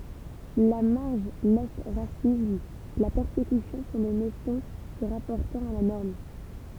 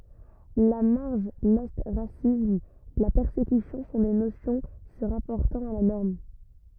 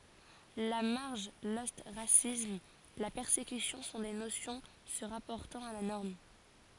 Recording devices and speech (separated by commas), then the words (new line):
temple vibration pickup, rigid in-ear microphone, forehead accelerometer, read sentence
La marge, l'ostracisme, la persécution sont des notions se rapportant à la norme.